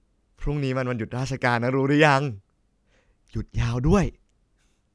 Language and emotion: Thai, happy